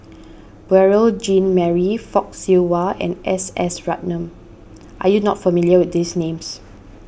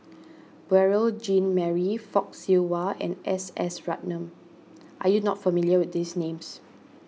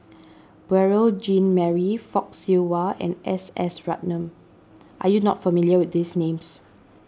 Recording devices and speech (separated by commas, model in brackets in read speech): boundary microphone (BM630), mobile phone (iPhone 6), standing microphone (AKG C214), read sentence